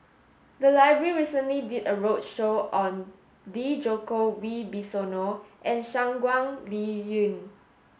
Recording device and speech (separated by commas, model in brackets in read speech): mobile phone (Samsung S8), read sentence